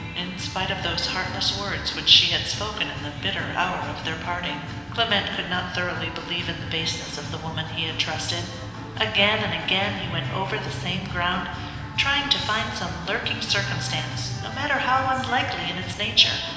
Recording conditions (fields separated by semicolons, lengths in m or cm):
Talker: one person; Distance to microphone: 1.7 m; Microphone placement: close; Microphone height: 1.0 m; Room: very reverberant, large; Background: music